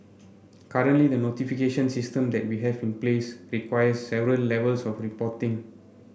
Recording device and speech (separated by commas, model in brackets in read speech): boundary microphone (BM630), read sentence